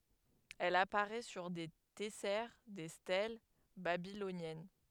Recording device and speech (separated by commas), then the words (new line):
headset microphone, read sentence
Elle apparaît sur des tessères, des stèles babyloniennes.